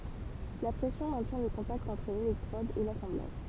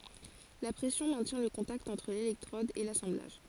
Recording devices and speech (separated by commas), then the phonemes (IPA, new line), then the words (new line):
temple vibration pickup, forehead accelerometer, read sentence
la pʁɛsjɔ̃ mɛ̃tjɛ̃ lə kɔ̃takt ɑ̃tʁ lelɛktʁɔd e lasɑ̃blaʒ
La pression maintient le contact entre l'électrode et l'assemblage.